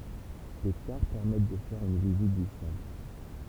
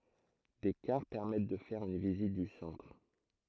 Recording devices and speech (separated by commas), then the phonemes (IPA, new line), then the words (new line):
temple vibration pickup, throat microphone, read sentence
de kaʁ pɛʁmɛt də fɛʁ yn vizit dy sɑ̃tʁ
Des cars permettent de faire une visite du centre.